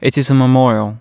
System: none